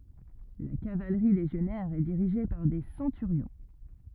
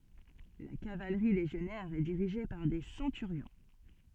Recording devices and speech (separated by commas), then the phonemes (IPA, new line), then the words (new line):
rigid in-ear microphone, soft in-ear microphone, read sentence
la kavalʁi leʒjɔnɛʁ ɛ diʁiʒe paʁ de sɑ̃tyʁjɔ̃
La cavalerie légionnaire est dirigée par des centurions.